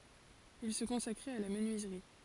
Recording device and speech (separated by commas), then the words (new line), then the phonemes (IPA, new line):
forehead accelerometer, read sentence
Il se consacrait à la menuiserie.
il sə kɔ̃sakʁɛt a la mənyizʁi